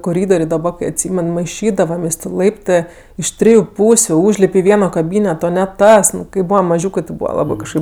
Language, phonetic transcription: Lithuanian, koˈrydorė daˈba kai atˈsymen maiˈšydavamės' tė ˈlaiptɜ iš ˈtriju ˈpūsiu ˈūžlip' i ˈvieno kaˈbyneto ne ˈtas ˈnu kai ˈbūvam maˈžiūkɜ ti ˈbūva ˈlabɜ kažˈkaip

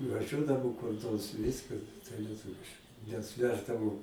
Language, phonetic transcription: Lithuanian, nuvaˈžiuodavo kur ˈnors ˈviska tai lieˈtuviš nes ˈveždavo

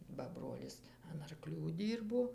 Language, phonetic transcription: Lithuanian, ba ˈbrolis an arˈklių ˈdyrbo

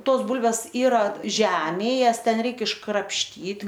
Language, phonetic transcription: Lithuanian, ˈtos ˈbūlves ˈyra ˈžemėj ˈjas ˈten ˈreik iškrapšˈtyt

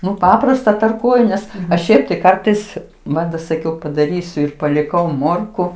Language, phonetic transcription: Lithuanian, ˈnu ˈpaprasta tarˈkuoju ˈnes aš ˈšiaip tai ˈkartais ˈmat da saˈkiau padaˈrysiu ir paliˈkau ˈmorku

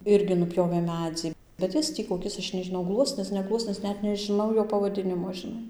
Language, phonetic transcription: Lithuanian, ˈirgi nuˈpjovė ˈmedzi bet ˈjis tį koˈkis ˈaš nežiˈnau ˈgluosnis ne ˈgluosnis ˈnet nežiˈnau ˈjo pavaˈdinimo žiˈnai

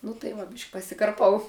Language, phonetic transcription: Lithuanian, nu tai ˈva ˈbišk' pasikarˈpau

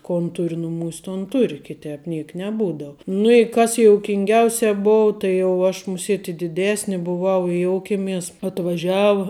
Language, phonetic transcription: Lithuanian, ˈkon ˈtur' ˈnumūs' ˈton ˈtur' kiˈtep ˈniek neˈbūdau nu i ˈkas joukinˈgiausia ˈbou tai jau ˈaš muˈsiet' i diˈdesni buˈvau i ˈjoukėmes atvaˈžiau

